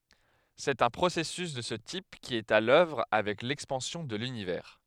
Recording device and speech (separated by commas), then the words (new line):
headset microphone, read sentence
C'est un processus de ce type qui est à l'œuvre avec l'expansion de l'Univers.